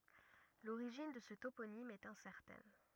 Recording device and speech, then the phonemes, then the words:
rigid in-ear microphone, read sentence
loʁiʒin də sə toponim ɛt ɛ̃sɛʁtɛn
L'origine de ce toponyme est incertaine.

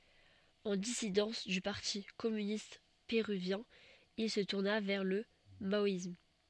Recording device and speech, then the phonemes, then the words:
soft in-ear microphone, read sentence
ɑ̃ disidɑ̃s dy paʁti kɔmynist peʁyvjɛ̃ il sə tuʁna vɛʁ lə maɔism
En dissidence du parti communiste péruvien, il se tourna vers le maoïsme.

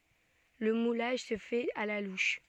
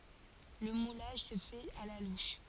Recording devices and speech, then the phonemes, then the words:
soft in-ear microphone, forehead accelerometer, read sentence
lə mulaʒ sə fɛt a la luʃ
Le moulage se fait à la louche.

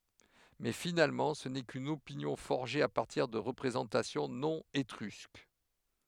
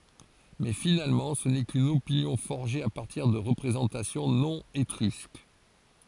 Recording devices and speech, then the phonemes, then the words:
headset microphone, forehead accelerometer, read sentence
mɛ finalmɑ̃ sə nɛ kyn opinjɔ̃ fɔʁʒe a paʁtiʁ də ʁəpʁezɑ̃tasjɔ̃ nɔ̃ etʁysk
Mais finalement ce n'est qu'une opinion forgée à partir de représentations non étrusques.

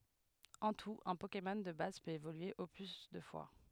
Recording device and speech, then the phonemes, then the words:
headset microphone, read sentence
ɑ̃ tut œ̃ pokemɔn də baz pøt evolye o ply dø fwa
En tout, un Pokémon de base peut évoluer au plus deux fois.

